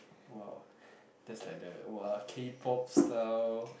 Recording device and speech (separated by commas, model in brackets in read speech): boundary microphone, conversation in the same room